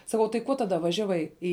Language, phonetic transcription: Lithuanian, saˈkau tai ˈkuo ˈtada ˈvažiavai ˈi

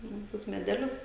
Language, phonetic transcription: Lithuanian, nu ˈtuos meˈdelius

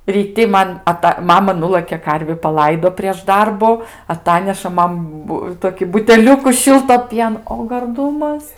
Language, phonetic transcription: Lithuanian, ryˈti ˈman aˈta ˈmama ˈnulɘkė ˈkarvi paˈlaido prieš ˈdarbu aˈtaneša ˈman ˈbu ˈtoki buteˈliuku ˈšilto ˈpieno o garˈdumas

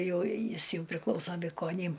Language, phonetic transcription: Lithuanian, ˈjau ˈjis ˈjau priˈklauso vikoˈnym

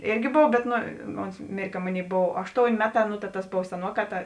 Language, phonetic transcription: Lithuanian, ˈėrgi ˈbov bet ˈno ˈons ˈmėr' ka ˈmoˌnėi ˈbov ˈašˌtoun' ˈmeˌtā nu ta tas ˈbov seˈnuoˌkā ˈta

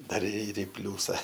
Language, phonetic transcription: Lithuanian, ˈdar ir i ˈpliūsa

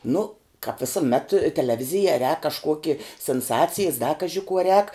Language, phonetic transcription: Lithuanian, nu kap visuˈmet teleˈvizija rēk kažˈkuoki sinˈsacijis da ˈkaži kuo rēk

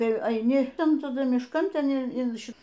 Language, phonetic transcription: Lithuanian, ˈtai aiˈni ˈtan taˈdu mišˈkan ˈten in ˈši

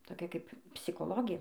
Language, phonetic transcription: Lithuanian, toˈkia kaip psikoˈlogė

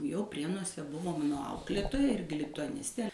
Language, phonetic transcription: Lithuanian, jau ˈprienuose ˈbuvo ˈmano ˈauklėtoja ˈirgi lituaˈnistė

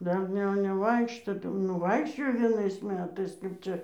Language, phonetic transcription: Lithuanian, ˈdar ne neˈvaikšto tai jau ˈnu ˈvaikščiojo vieˈnais ˈmetais kaip ˈčia

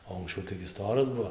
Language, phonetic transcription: Lithuanian, o anksˈčiau taigi ˈstoras ˈbuo

